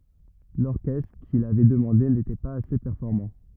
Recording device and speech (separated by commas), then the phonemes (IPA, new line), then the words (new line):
rigid in-ear microphone, read sentence
lɔʁkɛstʁ kil avɛ dəmɑ̃de netɛ paz ase pɛʁfɔʁmɑ̃
L'orchestre qu'il avait demandé n'était pas assez performant.